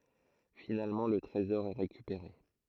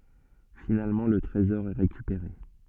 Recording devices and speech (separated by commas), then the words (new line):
throat microphone, soft in-ear microphone, read sentence
Finalement le trésor est récupéré.